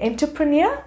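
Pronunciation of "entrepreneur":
'Entrepreneur' is pronounced incorrectly here.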